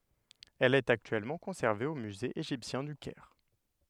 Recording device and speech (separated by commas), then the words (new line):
headset microphone, read sentence
Elle est actuellement conservée au Musée égyptien du Caire.